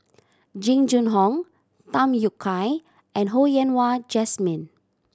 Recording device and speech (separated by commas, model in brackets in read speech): standing microphone (AKG C214), read sentence